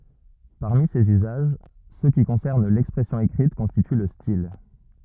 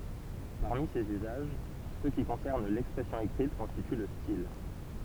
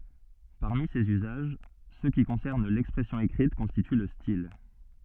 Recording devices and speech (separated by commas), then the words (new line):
rigid in-ear microphone, temple vibration pickup, soft in-ear microphone, read sentence
Parmi ces usages, ceux qui concernent l'expression écrite constituent le style.